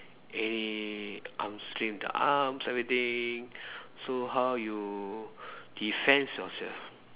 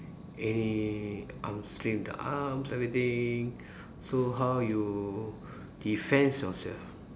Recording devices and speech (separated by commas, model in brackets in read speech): telephone, standing microphone, conversation in separate rooms